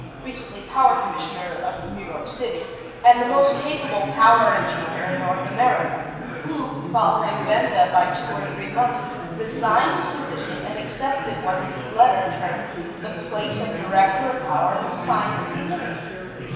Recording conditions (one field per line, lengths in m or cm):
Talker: one person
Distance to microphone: 1.7 m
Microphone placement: close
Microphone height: 1.0 m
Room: very reverberant, large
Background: babble